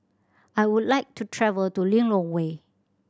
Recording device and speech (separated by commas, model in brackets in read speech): standing microphone (AKG C214), read sentence